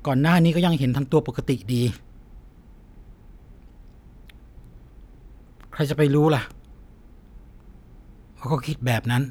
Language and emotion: Thai, sad